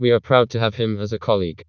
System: TTS, vocoder